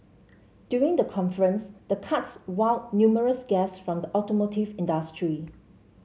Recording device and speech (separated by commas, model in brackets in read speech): mobile phone (Samsung C7), read sentence